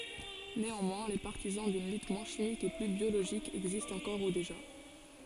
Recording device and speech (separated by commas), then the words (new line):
forehead accelerometer, read sentence
Néanmoins les partisans d'une lutte moins chimique et plus biologique existent encore ou déjà.